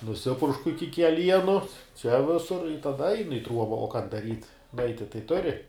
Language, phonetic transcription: Lithuanian, nuˈsipuršku ˈiki keˈlienu čia ˈvisur i taˈda ˈainu i ˈtruoba o kan daˈryt ˈnuaiti tai ˈturi

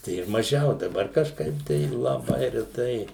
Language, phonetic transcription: Lithuanian, ˈtai ir maˈžiau daˈbar kažˈkaip tai laˈbai reˈtai

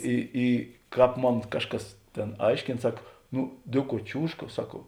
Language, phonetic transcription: Lithuanian, y ˈy ˈkāp ˈmon ˈkažˌkas ˈtėn ˈaiškėn ˈsak ˈnu ˈdėˌkuo ˈčiūžka ˈsak

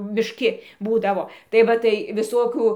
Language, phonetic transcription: Lithuanian, mišˈki ˈbūdavo tai ˈva tai viˈsokių

